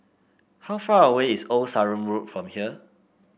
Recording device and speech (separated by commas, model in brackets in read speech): boundary microphone (BM630), read sentence